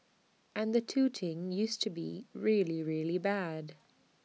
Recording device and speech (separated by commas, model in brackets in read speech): mobile phone (iPhone 6), read sentence